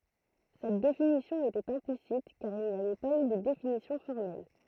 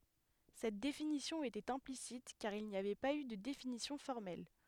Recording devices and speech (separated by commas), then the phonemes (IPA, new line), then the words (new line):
throat microphone, headset microphone, read sentence
sɛt definisjɔ̃ etɛt ɛ̃plisit kaʁ il ni avɛ paz y də definisjɔ̃ fɔʁmɛl
Cette définition était implicite, car il n'y avait pas eu de définition formelle.